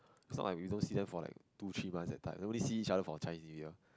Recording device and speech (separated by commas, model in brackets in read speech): close-talking microphone, conversation in the same room